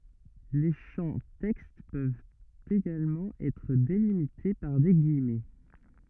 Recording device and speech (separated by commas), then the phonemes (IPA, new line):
rigid in-ear microphone, read sentence
le ʃɑ̃ tɛkst pøvt eɡalmɑ̃ ɛtʁ delimite paʁ de ɡijmɛ